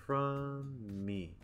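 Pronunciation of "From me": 'From me' is said slowly. The m at the end of 'from' and the m at the start of 'me' combine, so only one m sound is heard, held a little longer.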